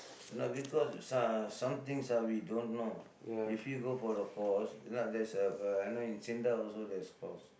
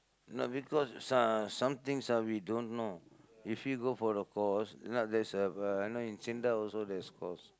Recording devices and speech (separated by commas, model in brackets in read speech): boundary microphone, close-talking microphone, conversation in the same room